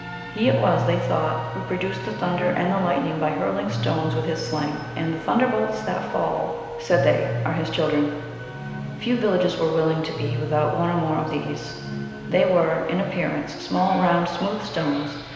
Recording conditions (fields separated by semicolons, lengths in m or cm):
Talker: one person; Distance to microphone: 1.7 m; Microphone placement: close; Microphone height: 1.0 m; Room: very reverberant, large; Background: television